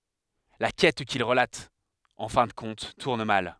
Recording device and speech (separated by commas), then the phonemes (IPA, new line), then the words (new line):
headset microphone, read sentence
la kɛt kil ʁəlat ɑ̃ fɛ̃ də kɔ̃t tuʁn mal
La quête qu’il relate, en fin de compte, tourne mal.